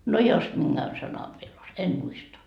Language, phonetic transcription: Finnish, no "jos 'minGän sanav viel os- , 'en "muista .
- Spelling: no jos minkään sanan vielä - en muista

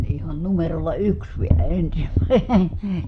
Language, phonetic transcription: Finnish, ihan numerolla yks vielä ensimä(ine) .
- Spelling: ihan numerolla yksi vielä ensimmäinen

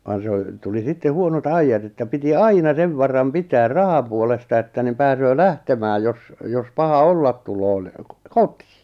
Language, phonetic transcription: Finnish, van se o , tuli 'sitte 'huono't ‿aijjat että piti "aina 'sev varam 'pitäär "rahapuolesta että niᵐ 'pääsöö "lähtemääj jos , jos 'paha "ollaᵗ 'tulo ni , "kotɪɪ .
- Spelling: vaan se on tuli sitten huonot ajat että piti aina sen varan pitää rahapuolesta että niin pääsee lähtemään jos jos paha olla tulee niin kotiin

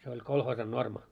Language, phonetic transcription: Finnish, se oĺ "kolhoosan "norma .
- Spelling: se oli kolhoosin normi

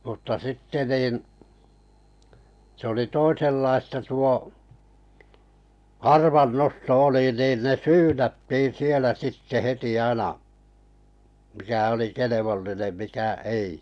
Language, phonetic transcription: Finnish, mutta 'sitte 'nìn , 'sᵉ ‿oli 'toisellaista tuo , "arvannosto 'oli nin ne "syynättiin̬ 'sielä sitte 'heti aina , 'mikä oli "kelevollinem 'mikä "ei .
- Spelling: mutta sitten niin se oli toisenlaista tuo arvannosto oli niin ne syynättiin siellä sitten heti aina mikä oli kelvollinen mikä ei

